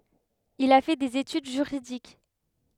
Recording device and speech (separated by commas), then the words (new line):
headset microphone, read sentence
Il a fait des études juridiques.